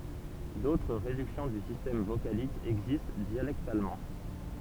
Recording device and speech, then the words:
temple vibration pickup, read sentence
D'autres réductions du système vocalique existent dialectalement.

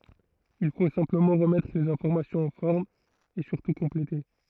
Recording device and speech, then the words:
throat microphone, read sentence
Il faut simplement remettre les informations en forme, et surtout compléter.

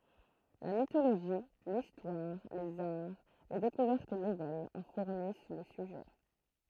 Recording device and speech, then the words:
throat microphone, read sentence
La mythologie, l’histoire, les arts, les découvertes nouvelles en fournissent le sujet.

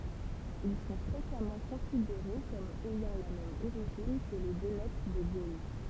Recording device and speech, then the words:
temple vibration pickup, read sentence
Ils sont fréquemment considérés comme ayant la même origine que les Vénètes de Gaule.

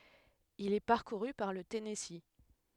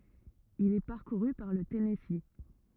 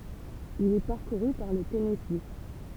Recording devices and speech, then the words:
headset microphone, rigid in-ear microphone, temple vibration pickup, read sentence
Il est parcouru par le Tennessee.

